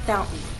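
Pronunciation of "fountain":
In 'fountain', the t is made as a glottal stop. This is the everyday informal pronunciation.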